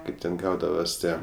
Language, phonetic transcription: Lithuanian, ˈkaip ten ˈgaudavas ˈtie

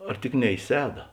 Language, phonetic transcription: Lithuanian, ar ˈtik ne i ˈseda

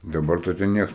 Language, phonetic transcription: Lithuanian, daˈbar tai te ˈnieks

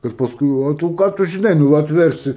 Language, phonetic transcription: Lithuanian, kad paˈskui o ˈtu ˈką tu žinai ˈnū atˈversi

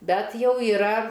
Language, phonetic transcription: Lithuanian, ˈbet ˈjau yˈra

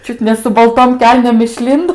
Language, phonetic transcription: Lithuanian, ˈčiut ne su balˈtom ˈkelnėm išˈlindo

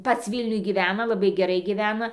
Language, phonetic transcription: Lithuanian, ˈpats ˈvylniuj gyˈvena laˈbai geˈrai gyˈvena

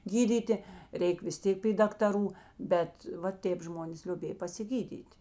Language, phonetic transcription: Lithuanian, ˈgydyti ˈreik vis ˈtėk py daktaˈrų ˈbet va ˈtėp ˈžmonės lioˈbėj pasiˈgydyt'

